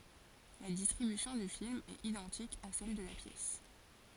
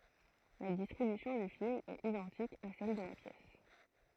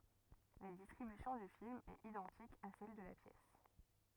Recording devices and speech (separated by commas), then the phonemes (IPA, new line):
forehead accelerometer, throat microphone, rigid in-ear microphone, read sentence
la distʁibysjɔ̃ dy film ɛt idɑ̃tik a sɛl də la pjɛs